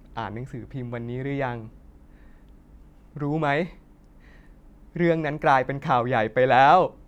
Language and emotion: Thai, sad